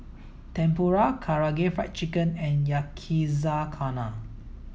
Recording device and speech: mobile phone (iPhone 7), read sentence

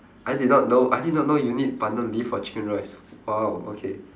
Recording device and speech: standing microphone, conversation in separate rooms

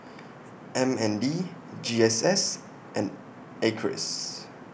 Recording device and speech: boundary microphone (BM630), read sentence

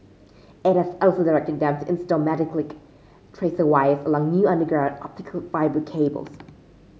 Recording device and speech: mobile phone (Samsung C5), read sentence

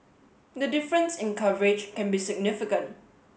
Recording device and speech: mobile phone (Samsung S8), read sentence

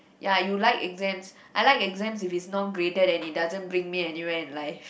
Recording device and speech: boundary microphone, conversation in the same room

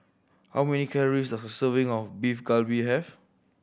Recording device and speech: boundary microphone (BM630), read sentence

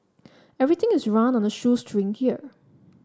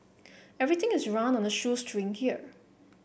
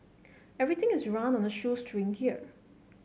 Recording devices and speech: standing microphone (AKG C214), boundary microphone (BM630), mobile phone (Samsung C7), read sentence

